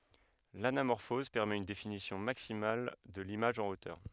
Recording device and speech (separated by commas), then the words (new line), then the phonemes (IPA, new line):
headset microphone, read sentence
L'anamorphose permet une définition maximale de l'image en hauteur.
lanamɔʁfɔz pɛʁmɛt yn definisjɔ̃ maksimal də limaʒ ɑ̃ otœʁ